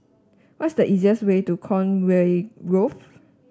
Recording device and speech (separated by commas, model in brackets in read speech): standing microphone (AKG C214), read sentence